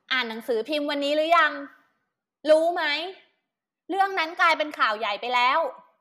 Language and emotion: Thai, angry